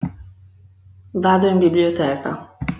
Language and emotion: Italian, neutral